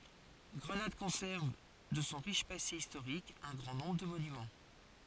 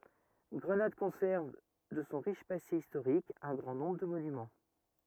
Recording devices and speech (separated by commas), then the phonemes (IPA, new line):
forehead accelerometer, rigid in-ear microphone, read sentence
ɡʁənad kɔ̃sɛʁv də sɔ̃ ʁiʃ pase istoʁik œ̃ ɡʁɑ̃ nɔ̃bʁ də monymɑ̃